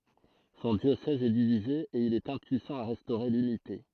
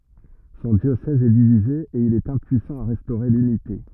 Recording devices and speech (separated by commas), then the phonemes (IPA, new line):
throat microphone, rigid in-ear microphone, read sentence
sɔ̃ djosɛz ɛ divize e il ɛt ɛ̃pyisɑ̃ a ʁɛstoʁe lynite